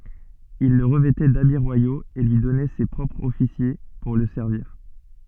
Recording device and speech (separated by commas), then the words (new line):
soft in-ear microphone, read sentence
Il le revêtait d’habits royaux et lui donnait ses propres officiers pour le servir.